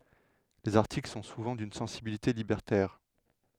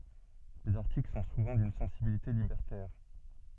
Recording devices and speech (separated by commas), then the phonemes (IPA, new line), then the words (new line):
headset microphone, soft in-ear microphone, read sentence
lez aʁtikl sɔ̃ suvɑ̃ dyn sɑ̃sibilite libɛʁtɛʁ
Les articles sont souvent d'une sensibilité libertaire.